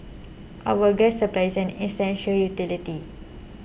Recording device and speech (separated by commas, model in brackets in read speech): boundary microphone (BM630), read sentence